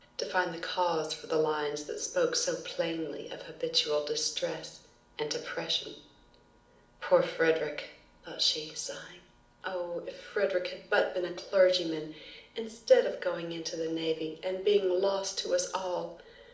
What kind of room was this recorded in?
A mid-sized room.